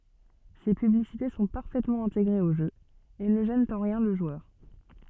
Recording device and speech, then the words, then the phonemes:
soft in-ear microphone, read sentence
Ces publicités sont parfaitement intégrées au jeu, et ne gênent en rien le joueur.
se pyblisite sɔ̃ paʁfɛtmɑ̃ ɛ̃teɡʁez o ʒø e nə ʒɛnt ɑ̃ ʁjɛ̃ lə ʒwœʁ

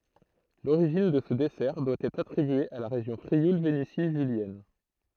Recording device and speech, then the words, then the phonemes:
throat microphone, read sentence
L'origine de ce dessert doit être attribuée à la région Frioul-Vénétie julienne.
loʁiʒin də sə dɛsɛʁ dwa ɛtʁ atʁibye a la ʁeʒjɔ̃ fʁiul veneti ʒyljɛn

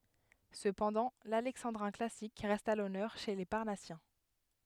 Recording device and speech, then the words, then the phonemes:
headset microphone, read sentence
Cependant, l'alexandrin classique reste à l'honneur chez les Parnassiens.
səpɑ̃dɑ̃ lalɛksɑ̃dʁɛ̃ klasik ʁɛst a lɔnœʁ ʃe le paʁnasjɛ̃

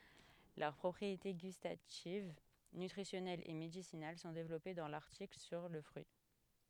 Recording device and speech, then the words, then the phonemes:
headset microphone, read sentence
Leurs propriétés gustatives, nutritionnelles et médicinales sont développées dans l'article sur le fruit.
lœʁ pʁɔpʁiete ɡystativ nytʁisjɔnɛlz e medisinal sɔ̃ devlɔpe dɑ̃ laʁtikl syʁ lə fʁyi

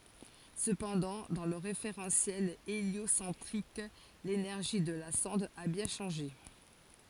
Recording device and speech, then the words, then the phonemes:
forehead accelerometer, read sentence
Cependant, dans le référentiel héliocentrique, l'énergie de la sonde a bien changé.
səpɑ̃dɑ̃ dɑ̃ lə ʁefeʁɑ̃sjɛl eljosɑ̃tʁik lenɛʁʒi də la sɔ̃d a bjɛ̃ ʃɑ̃ʒe

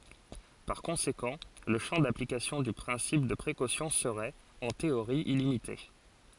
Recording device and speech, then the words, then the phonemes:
forehead accelerometer, read sentence
Par conséquent, le champ d'application du principe de précaution serait, en théorie illimité.
paʁ kɔ̃sekɑ̃ lə ʃɑ̃ daplikasjɔ̃ dy pʁɛ̃sip də pʁekosjɔ̃ səʁɛt ɑ̃ teoʁi ilimite

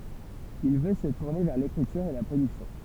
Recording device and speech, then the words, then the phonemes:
temple vibration pickup, read sentence
Il veut se tourner vers l'écriture et la production.
il vø sə tuʁne vɛʁ lekʁityʁ e la pʁodyksjɔ̃

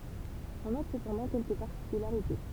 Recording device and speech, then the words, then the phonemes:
temple vibration pickup, read sentence
On note cependant quelques particularités.
ɔ̃ nɔt səpɑ̃dɑ̃ kɛlkə paʁtikylaʁite

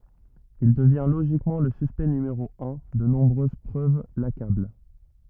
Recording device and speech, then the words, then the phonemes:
rigid in-ear microphone, read sentence
Il devient logiquement le suspect numéro un, de nombreuses preuves l'accablent.
il dəvjɛ̃ loʒikmɑ̃ lə syspɛkt nymeʁo œ̃ də nɔ̃bʁøz pʁøv lakabl

